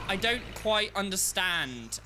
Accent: British accent